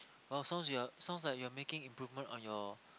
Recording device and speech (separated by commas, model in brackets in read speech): close-talking microphone, conversation in the same room